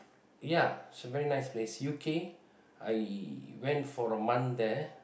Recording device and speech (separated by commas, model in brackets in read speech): boundary microphone, conversation in the same room